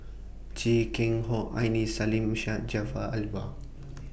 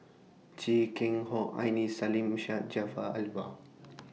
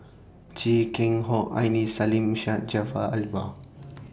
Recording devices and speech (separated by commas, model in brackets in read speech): boundary microphone (BM630), mobile phone (iPhone 6), standing microphone (AKG C214), read sentence